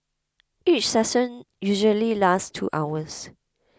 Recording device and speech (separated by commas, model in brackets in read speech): close-talking microphone (WH20), read sentence